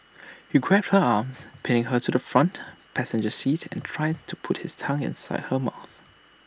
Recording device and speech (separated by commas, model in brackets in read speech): standing microphone (AKG C214), read sentence